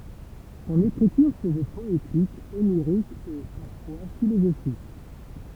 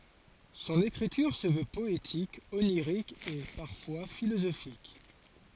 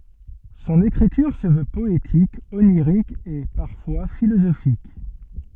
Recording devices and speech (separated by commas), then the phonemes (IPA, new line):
temple vibration pickup, forehead accelerometer, soft in-ear microphone, read sentence
sɔ̃n ekʁityʁ sə vø pɔetik oniʁik e paʁfwa filozofik